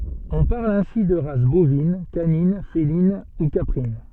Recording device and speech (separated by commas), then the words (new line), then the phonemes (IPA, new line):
soft in-ear microphone, read sentence
On parle ainsi de races bovines, canines, félines, ou caprines.
ɔ̃ paʁl ɛ̃si də ʁas bovin kanin felin u kapʁin